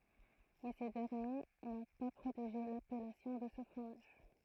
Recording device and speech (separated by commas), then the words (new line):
throat microphone, read sentence
Mais ces derniers n'ont pas protégé l'appellation de ce fromage.